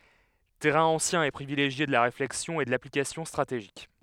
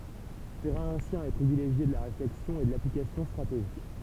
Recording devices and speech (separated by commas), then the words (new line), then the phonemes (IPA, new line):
headset microphone, temple vibration pickup, read sentence
Terrain ancien et privilégié de la réflexion et de l'application stratégique.
tɛʁɛ̃ ɑ̃sjɛ̃ e pʁivileʒje də la ʁeflɛksjɔ̃ e də laplikasjɔ̃ stʁateʒik